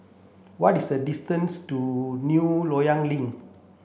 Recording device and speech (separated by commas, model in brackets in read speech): boundary microphone (BM630), read sentence